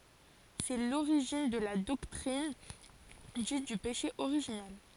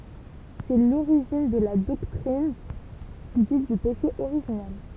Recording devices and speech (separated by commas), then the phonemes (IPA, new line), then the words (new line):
forehead accelerometer, temple vibration pickup, read sentence
sɛ loʁiʒin də la dɔktʁin dit dy peʃe oʁiʒinɛl
C'est l'origine de la doctrine dite du péché originel.